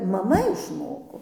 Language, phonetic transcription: Lithuanian, maˈma išˈmoko

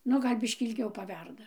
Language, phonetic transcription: Lithuanian, ˈnu ˈgal' ˈbiškį ilˈgiau paˈverda

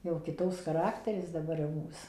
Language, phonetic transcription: Lithuanian, jau kiˈtoks chaˈrakteris daˈbar jau ˈmūs

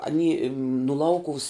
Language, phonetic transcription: Lithuanian, aˈny nu ˈlaukuvus

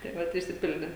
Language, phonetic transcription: Lithuanian, tai ˈvat išsiˈpildė

